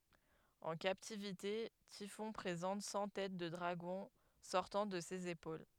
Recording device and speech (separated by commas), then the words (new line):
headset microphone, read sentence
En captivité, Typhon présente cent têtes de dragons sortant de ses épaules.